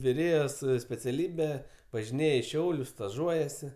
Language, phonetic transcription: Lithuanian, viˈrėjos speciaˈlybe važiˈnėj i ˈšiaulius staˈžuojasi

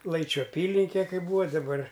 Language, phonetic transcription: Lithuanian, ˈlaičių aˈpylinke kai ˈbūva daˈbar

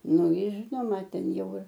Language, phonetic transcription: Lithuanian, ˈnu ˈjir ˈžinoma ˈten ˈjau ir

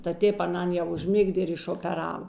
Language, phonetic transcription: Lithuanian, ta ˈtėp aˈnan jau užˈmigdė ir išopeˈrava

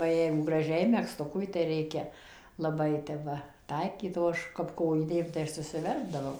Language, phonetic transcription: Lithuanian, ba ˈjeigu graˈžiai megzˈtukui tai ˈreikia laˈbai tep ˈva ˈtaikyt o ˈaš kap ˈkojinėm tai ˈaš susiˈverpdavau

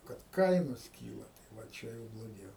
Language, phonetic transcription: Lithuanian, kad ˈkainos ˈkyla tai va ˈčia jau bloˈgiau

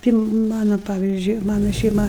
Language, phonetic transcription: Lithuanian, ˈti ˈmana ˈpavyzdžiui ˈmana šeiˈma

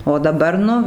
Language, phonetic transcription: Lithuanian, o daˈbar ˈnu

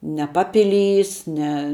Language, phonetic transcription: Lithuanian, ne ˈpapiˌlys ne

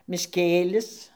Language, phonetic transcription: Lithuanian, mišˈkėlis

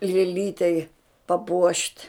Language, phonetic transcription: Lithuanian, lėˈlytei paˈpuošt'

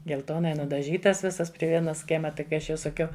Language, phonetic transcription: Lithuanian, gelˈtonai nudaˈžytas ˈvisas pri ˈvienas ˈkiema ˈtai kai ˈaš jau saˈkiau

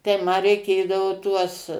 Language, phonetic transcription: Lithuanian, tai ˈma reiˈkėdavo ˈtuos

